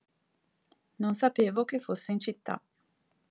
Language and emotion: Italian, neutral